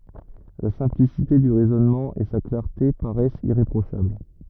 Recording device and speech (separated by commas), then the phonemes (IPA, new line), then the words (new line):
rigid in-ear microphone, read sentence
la sɛ̃plisite dy ʁɛzɔnmɑ̃ e sa klaʁte paʁɛst iʁepʁoʃabl
La simplicité du raisonnement et sa clarté paraissent irréprochables.